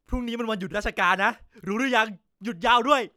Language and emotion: Thai, happy